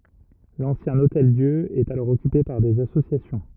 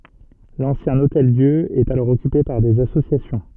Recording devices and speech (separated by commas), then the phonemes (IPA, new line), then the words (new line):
rigid in-ear microphone, soft in-ear microphone, read sentence
lɑ̃sjɛ̃ otɛldjø ɛt alɔʁ ɔkype paʁ dez asosjasjɔ̃
L'ancien Hôtel-Dieu est alors occupé par des associations.